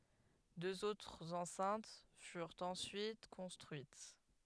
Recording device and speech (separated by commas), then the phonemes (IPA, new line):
headset microphone, read sentence
døz otʁz ɑ̃sɛ̃t fyʁt ɑ̃syit kɔ̃stʁyit